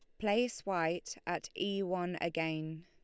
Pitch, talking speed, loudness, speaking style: 175 Hz, 135 wpm, -36 LUFS, Lombard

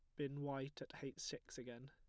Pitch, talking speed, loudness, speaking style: 135 Hz, 215 wpm, -49 LUFS, plain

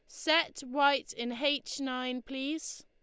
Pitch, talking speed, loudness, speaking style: 280 Hz, 135 wpm, -31 LUFS, Lombard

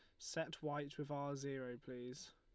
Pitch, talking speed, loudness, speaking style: 140 Hz, 170 wpm, -47 LUFS, Lombard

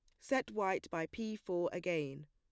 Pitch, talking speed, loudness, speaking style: 180 Hz, 175 wpm, -38 LUFS, plain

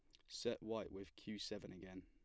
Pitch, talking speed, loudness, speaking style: 95 Hz, 205 wpm, -49 LUFS, plain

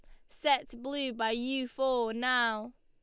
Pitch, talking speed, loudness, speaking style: 250 Hz, 145 wpm, -31 LUFS, Lombard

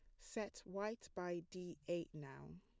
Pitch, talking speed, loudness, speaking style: 180 Hz, 150 wpm, -48 LUFS, plain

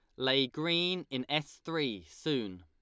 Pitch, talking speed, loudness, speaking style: 135 Hz, 150 wpm, -32 LUFS, Lombard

